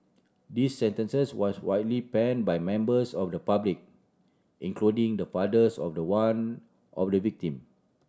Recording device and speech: standing microphone (AKG C214), read sentence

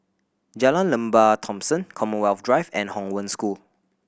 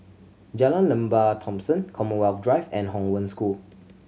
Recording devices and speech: boundary microphone (BM630), mobile phone (Samsung C7100), read sentence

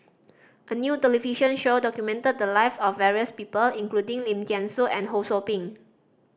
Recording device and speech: standing microphone (AKG C214), read sentence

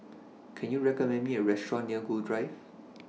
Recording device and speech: mobile phone (iPhone 6), read sentence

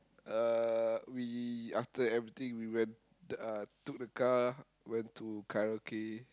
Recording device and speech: close-talking microphone, conversation in the same room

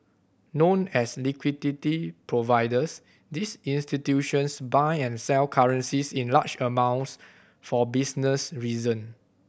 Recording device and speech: boundary microphone (BM630), read sentence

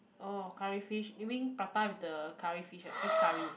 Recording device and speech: boundary microphone, conversation in the same room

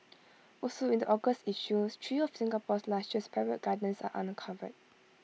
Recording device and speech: mobile phone (iPhone 6), read sentence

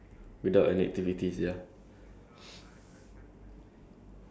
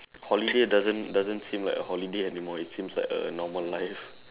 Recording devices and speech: standing microphone, telephone, conversation in separate rooms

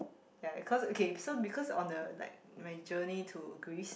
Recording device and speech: boundary microphone, conversation in the same room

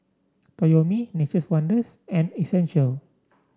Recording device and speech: standing microphone (AKG C214), read sentence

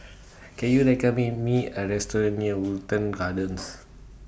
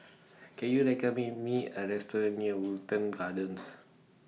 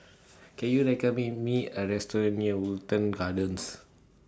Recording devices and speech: boundary microphone (BM630), mobile phone (iPhone 6), standing microphone (AKG C214), read sentence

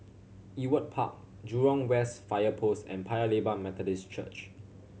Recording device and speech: mobile phone (Samsung C7100), read sentence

